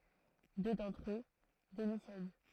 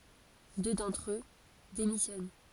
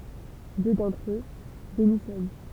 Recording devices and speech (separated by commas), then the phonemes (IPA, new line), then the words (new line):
throat microphone, forehead accelerometer, temple vibration pickup, read sentence
dø dɑ̃tʁ ø demisjɔn
Deux d'entre eux démissionnent.